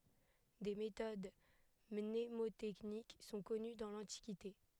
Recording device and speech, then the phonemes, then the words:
headset microphone, read sentence
de metod mnemotɛknik sɔ̃ kɔny dɑ̃ lɑ̃tikite
Des méthodes mnémotechniques sont connues dans l'Antiquité.

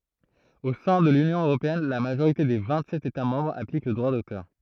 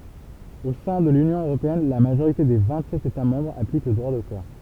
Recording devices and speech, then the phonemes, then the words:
throat microphone, temple vibration pickup, read sentence
o sɛ̃ də lynjɔ̃ øʁopeɛn la maʒoʁite de vɛ̃tsɛt etamɑ̃bʁz aplik lə dʁwa dotœʁ
Au sein de l'Union européenne, la majorité des vingt-sept États-Membres applique le droit d'auteur.

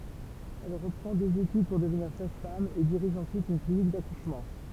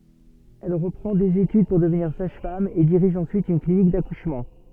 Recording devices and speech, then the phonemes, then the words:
temple vibration pickup, soft in-ear microphone, read sentence
ɛl ʁəpʁɑ̃ dez etyd puʁ dəvniʁ saʒfam e diʁiʒ ɑ̃syit yn klinik dakuʃmɑ̃
Elle reprend des études pour devenir sage-femme et dirige ensuite une clinique d'accouchement.

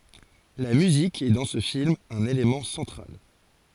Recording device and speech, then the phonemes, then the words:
forehead accelerometer, read sentence
la myzik ɛ dɑ̃ sə film œ̃n elemɑ̃ sɑ̃tʁal
La musique est dans ce film un élément central.

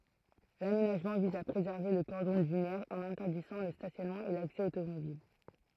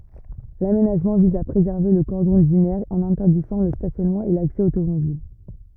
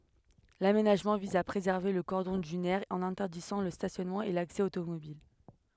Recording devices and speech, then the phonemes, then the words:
throat microphone, rigid in-ear microphone, headset microphone, read sentence
lamenaʒmɑ̃ viz a pʁezɛʁve lə kɔʁdɔ̃ dynɛʁ ɑ̃n ɛ̃tɛʁdizɑ̃ lə stasjɔnmɑ̃ e laksɛ otomobil
L'aménagement vise à préserver le cordon dunaire en interdisant le stationnement et l'accès automobile.

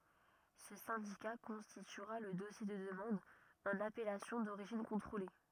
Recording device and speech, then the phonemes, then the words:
rigid in-ear microphone, read sentence
sə sɛ̃dika kɔ̃stityʁa lə dɔsje də dəmɑ̃d ɑ̃n apɛlasjɔ̃ doʁiʒin kɔ̃tʁole
Ce syndicat constituera le dossier de demande en appellation d'origine contrôlée.

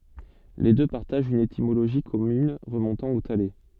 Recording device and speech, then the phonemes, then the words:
soft in-ear microphone, read sentence
le dø paʁtaʒt yn etimoloʒi kɔmyn ʁəmɔ̃tɑ̃ o tale
Les deux partagent une étymologie commune remontant au thaler.

